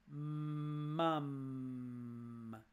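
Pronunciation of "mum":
In 'mum', both m sounds are long, and the vowel between them is short.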